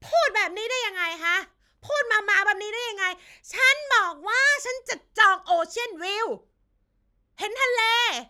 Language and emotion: Thai, angry